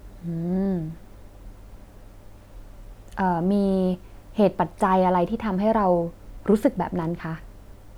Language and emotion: Thai, neutral